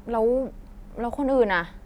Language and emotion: Thai, frustrated